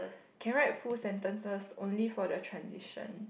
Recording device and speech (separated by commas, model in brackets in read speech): boundary microphone, conversation in the same room